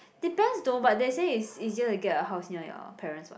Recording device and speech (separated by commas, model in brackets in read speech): boundary microphone, conversation in the same room